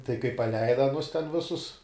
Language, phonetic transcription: Lithuanian, tai kai paˈleida aˈnus ten ˈvisus

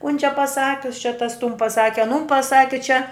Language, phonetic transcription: Lithuanian, kun čia paˈsakius čia tas tun paˈsaki aˈnun paˈsaki čia

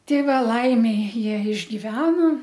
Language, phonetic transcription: Lithuanian, ˈtei ˈva ˈlaimei ˈjie išgiˈveno

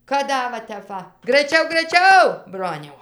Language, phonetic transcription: Lithuanian, kad ˈda va ˈtep va graiˈčiau graiˈčiau ˈbroniau

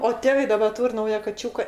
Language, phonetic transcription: Lithuanian, o ˈtėvai daˈba ˈtūr' ˈnauja kaˈčiūka

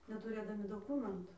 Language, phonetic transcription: Lithuanian, netuˈrėdami doˈkūmentu

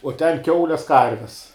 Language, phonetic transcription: Lithuanian, uo ten ˈkiaules ˈkarves

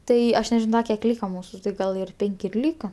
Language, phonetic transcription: Lithuanian, ˈtai ˈaš neˈžino ˈda kiek ˈlyka ˈmūsu tai ˈgal ir ˈpenk' ir ˈlyka

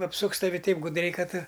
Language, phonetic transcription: Lithuanian, apˈsuks taˈvi ˈtaip gudˈriai ˈkad

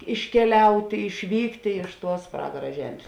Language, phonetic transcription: Lithuanian, iškeˈliautė išˈvyktė ˈtuos ˈpragara ˈžem's'

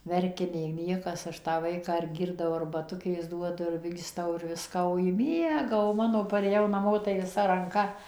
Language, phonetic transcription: Lithuanian, ˈverkia nei ˈniekas ˈaš tą ˈvaiką ir ˈgirdau arbaˈtukės ˈduodu ir ˈvystau ir ˈviska o ˈji ˈmiega o ˈmano parėˈjau naˈmo tai viˈsa ranˈka

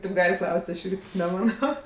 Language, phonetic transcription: Lithuanian, tėp ˈgal' ˈklaus't' ˈaš ˈirgi neˈmano

